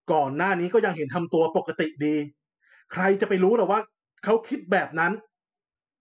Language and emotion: Thai, angry